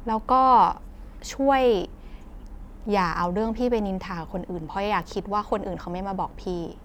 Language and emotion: Thai, frustrated